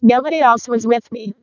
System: VC, vocoder